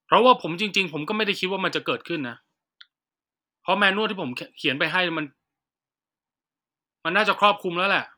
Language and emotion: Thai, frustrated